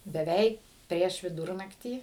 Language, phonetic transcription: Lithuanian, beˈveik ˈprieš viˈdūrnaktį

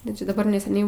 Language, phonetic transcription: Lithuanian, ˈda čia daˈbar neseˈniai

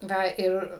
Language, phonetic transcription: Lithuanian, ˈva ˈir

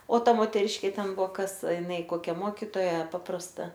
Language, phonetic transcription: Lithuanian, o ˈta moteˈriškė ˈten ˈbuo ˈkas iˈnai ˈkokia ˈmokitoja ˈpaprasta

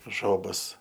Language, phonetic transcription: Lithuanian, ˈžobas

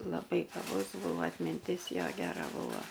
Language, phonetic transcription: Lithuanian, laˈbai gaˈbus ˈbūvo atminˈtis ˈjo geˈra ˈbūva

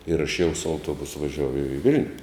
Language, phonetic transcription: Lithuanian, ir aš jau su auˈtuobusu vaˈžiuoju i ˈvil'niu

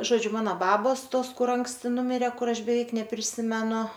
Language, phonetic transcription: Lithuanian, ˈžodžiu ˈmano ˈbabos ˈtos ˈkur ˈanksti ˈnumirė ˈkur ˈaš beˈveik nepriˈsimenu

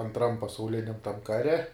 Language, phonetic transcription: Lithuanian, antˈram pasauˈliniam tam ˈkare

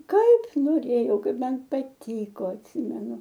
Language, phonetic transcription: Lithuanian, ˈkaip noˈrėjau ˈkaip ˈman paˈtyko atˈsimenu

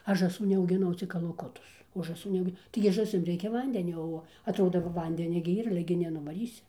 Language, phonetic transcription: Lithuanian, ˈaš žąˈsų neaugiˈnau cik kalaˈkutus o žąˈsų neˈaugi taigi žąˈsim ˈreikia ˈvandenio ˈo atˈrodo ˈva ˈvandenia gi ir ˈyr ˈale gi nenuvaˈrysi

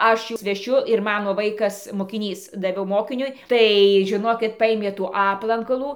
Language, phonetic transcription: Lithuanian, ˈaš ˈjus veˈšiu ir ˈmano ˈvaikas mokiˈnys daˈviau ˈmokiniui ˈtai žiˈnokit ˈpaimė tų ˈaplankalų

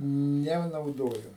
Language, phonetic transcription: Lithuanian, nenauˈdoju

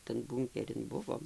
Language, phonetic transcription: Lithuanian, tan ˈbūnkerin ˈbuvom

